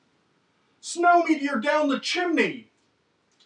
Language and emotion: English, fearful